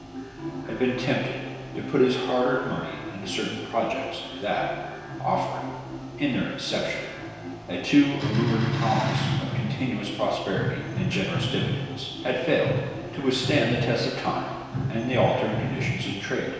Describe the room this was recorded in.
A large and very echoey room.